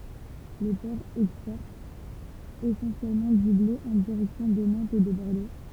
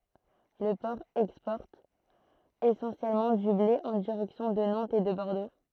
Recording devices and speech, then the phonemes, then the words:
temple vibration pickup, throat microphone, read sentence
lə pɔʁ ɛkspɔʁt esɑ̃sjɛlmɑ̃ dy ble ɑ̃ diʁɛksjɔ̃ də nɑ̃tz e də bɔʁdo
Le port exporte essentiellement du blé en direction de Nantes et de Bordeaux.

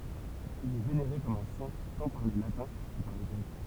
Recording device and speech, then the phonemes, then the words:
temple vibration pickup, read sentence
il ɛ veneʁe kɔm œ̃ sɛ̃ tɑ̃ paʁ le latɛ̃ kə paʁ le ɡʁɛk
Il est vénéré comme un saint tant par les Latins que par les Grecs.

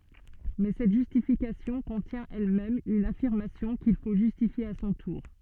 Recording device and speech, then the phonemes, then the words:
soft in-ear microphone, read sentence
mɛ sɛt ʒystifikasjɔ̃ kɔ̃tjɛ̃ ɛlmɛm yn afiʁmasjɔ̃ kil fo ʒystifje a sɔ̃ tuʁ
Mais cette justification contient elle-même une affirmation, qu'il faut justifier à son tour.

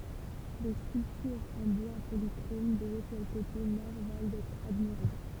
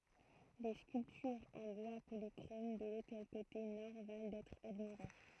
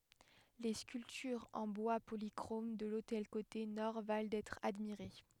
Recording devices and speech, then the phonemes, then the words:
temple vibration pickup, throat microphone, headset microphone, read sentence
le skyltyʁz ɑ̃ bwa polikʁom də lotɛl kote nɔʁ val dɛtʁ admiʁe
Les sculptures en bois polychrome de l'autel côté nord valent d'être admirées.

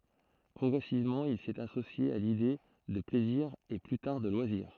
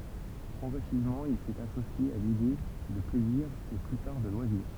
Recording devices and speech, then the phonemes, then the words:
throat microphone, temple vibration pickup, read sentence
pʁɔɡʁɛsivmɑ̃ il sɛt asosje a lide də plɛziʁ e ply taʁ də lwaziʁ
Progressivement, il s'est associé à l'idée de plaisir et plus tard de loisirs.

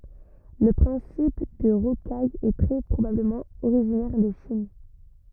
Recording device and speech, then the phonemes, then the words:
rigid in-ear microphone, read sentence
lə pʁɛ̃sip də ʁokaj ɛ tʁɛ pʁobabləmɑ̃ oʁiʒinɛʁ də ʃin
Le principe de rocaille est très probablement originaire de Chine.

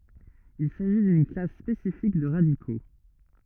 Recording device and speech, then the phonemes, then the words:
rigid in-ear microphone, read sentence
il saʒi dyn klas spesifik də ʁadiko
Il s'agit d'une classe spécifique de radicaux.

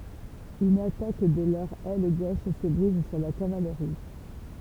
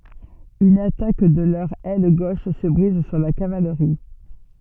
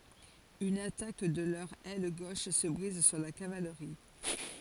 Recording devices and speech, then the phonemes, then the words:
temple vibration pickup, soft in-ear microphone, forehead accelerometer, read sentence
yn atak də lœʁ ɛl ɡoʃ sə bʁiz syʁ la kavalʁi
Une attaque de leur aile gauche se brise sur la cavalerie.

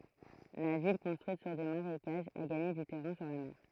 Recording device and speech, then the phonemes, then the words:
throat microphone, read sentence
la vil kɔ̃stʁyit syʁ de maʁekaʒz a ɡaɲe dy tɛʁɛ̃ syʁ la mɛʁ
La ville, construite sur des marécages, a gagné du terrain sur la mer.

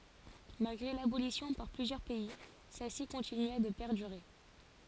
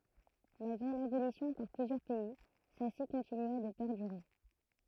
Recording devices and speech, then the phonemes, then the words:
forehead accelerometer, throat microphone, read sentence
malɡʁe labolisjɔ̃ paʁ plyzjœʁ pɛi sɛlsi kɔ̃tinya də pɛʁdyʁe
Malgré l’abolition par plusieurs pays, celle-ci continua de perdurer.

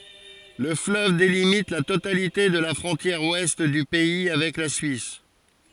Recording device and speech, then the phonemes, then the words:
forehead accelerometer, read sentence
lə fløv delimit la totalite də la fʁɔ̃tjɛʁ wɛst dy pɛi avɛk la syis
Le fleuve délimite la totalité de la frontière ouest du pays avec la Suisse.

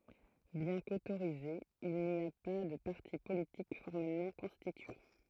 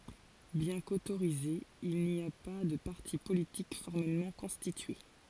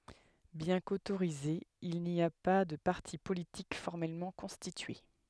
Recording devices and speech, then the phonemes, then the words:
throat microphone, forehead accelerometer, headset microphone, read sentence
bjɛ̃ kotoʁizez il ni a pa də paʁti politik fɔʁmɛlmɑ̃ kɔ̃stitye
Bien qu’autorisés, il n’y a pas de partis politiques formellement constitués.

